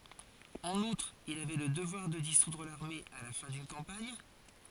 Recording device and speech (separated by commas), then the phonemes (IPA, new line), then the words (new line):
forehead accelerometer, read sentence
ɑ̃n utʁ il avɛ lə dəvwaʁ də disudʁ laʁme a la fɛ̃ dyn kɑ̃paɲ
En outre, il avait le devoir de dissoudre l'armée à la fin d'une campagne.